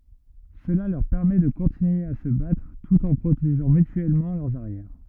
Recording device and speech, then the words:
rigid in-ear microphone, read sentence
Cela leur permet de continuer à se battre tout en protégeant mutuellement leurs arrières.

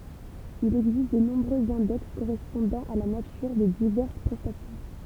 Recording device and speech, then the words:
temple vibration pickup, read sentence
Il existe de nombreux index correspondant à la nature des diverses prestations.

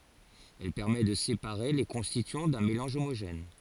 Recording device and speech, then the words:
forehead accelerometer, read sentence
Elle permet de séparer les constituants d'un mélange homogène.

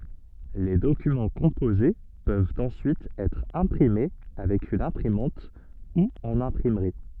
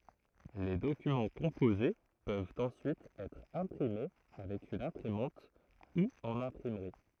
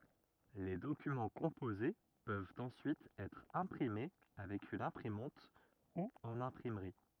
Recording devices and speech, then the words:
soft in-ear microphone, throat microphone, rigid in-ear microphone, read sentence
Les documents composés peuvent ensuite être imprimés avec une imprimante ou en imprimerie.

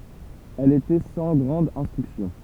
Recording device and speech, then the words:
temple vibration pickup, read sentence
Elle était sans grande instruction.

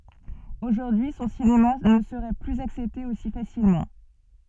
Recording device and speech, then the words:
soft in-ear microphone, read sentence
Aujourd'hui, son cinéma ne serait plus accepté aussi facilement.

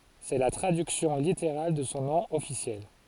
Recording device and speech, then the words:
forehead accelerometer, read sentence
C'est la traduction littérale de son nom officiel.

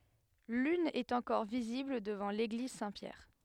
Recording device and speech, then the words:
headset microphone, read sentence
L'une est encore visible devant l'église Saint-Pierre.

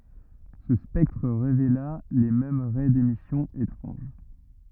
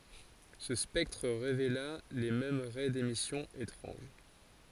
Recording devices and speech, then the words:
rigid in-ear microphone, forehead accelerometer, read sentence
Ce spectre révéla les mêmes raies d’émission étranges.

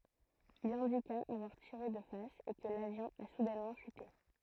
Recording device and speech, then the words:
throat microphone, read sentence
Il indiqua avoir tiré de face et que l'avion a soudainement chuté.

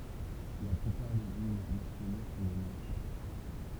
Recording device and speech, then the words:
temple vibration pickup, read sentence
La plupart des hymnes nationaux sont des marches.

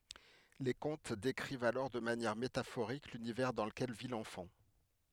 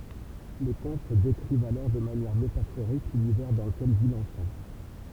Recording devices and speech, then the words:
headset microphone, temple vibration pickup, read sentence
Les contes décrivent alors de manière métaphorique l'univers dans lequel vit l'enfant.

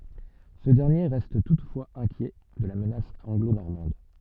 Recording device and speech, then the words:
soft in-ear microphone, read sentence
Ce dernier reste toutefois inquiet de la menace anglo-normande.

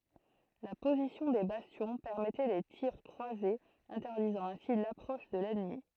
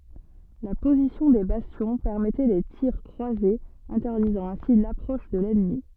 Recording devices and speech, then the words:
throat microphone, soft in-ear microphone, read sentence
La position des bastions permettait les tirs croisés interdisant ainsi l’approche de l’ennemi.

